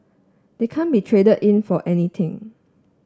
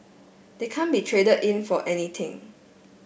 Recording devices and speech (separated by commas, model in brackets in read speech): standing microphone (AKG C214), boundary microphone (BM630), read sentence